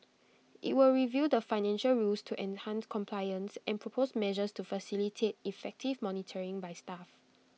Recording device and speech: mobile phone (iPhone 6), read sentence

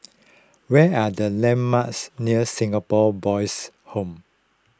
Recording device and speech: close-talking microphone (WH20), read sentence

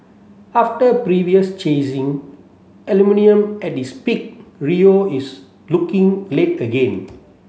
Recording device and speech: mobile phone (Samsung C7), read sentence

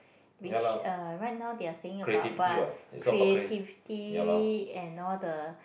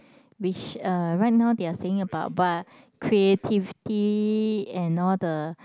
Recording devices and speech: boundary microphone, close-talking microphone, conversation in the same room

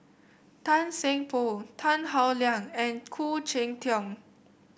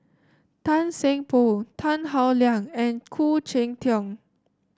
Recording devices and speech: boundary microphone (BM630), standing microphone (AKG C214), read sentence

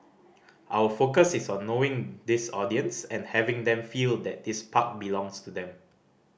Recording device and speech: boundary microphone (BM630), read sentence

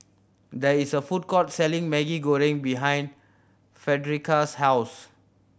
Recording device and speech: boundary microphone (BM630), read sentence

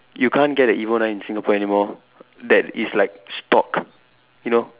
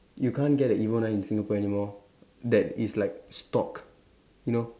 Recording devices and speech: telephone, standing microphone, conversation in separate rooms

